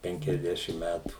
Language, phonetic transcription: Lithuanian, ˌpenkiasˈdešim ˈmætų

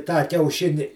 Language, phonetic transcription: Lithuanian, tą kiauˈšini

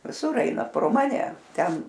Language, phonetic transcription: Lithuanian, viˈsur ˈaina pro ˈmane ˈten

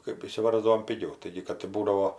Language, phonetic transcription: Lithuanian, kɜp išsiˈvarzdavom piˈgiau ˈtaigi kad i ˈbūdavo

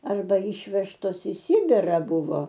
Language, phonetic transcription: Lithuanian, arˈba ˈyšvežtos i ˈsibira ˈbuvo

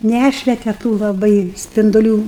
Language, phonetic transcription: Lithuanian, ˈnæšvete tų laˈbai spinduˈlių

